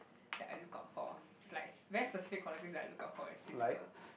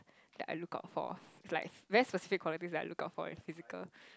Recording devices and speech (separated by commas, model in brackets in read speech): boundary microphone, close-talking microphone, conversation in the same room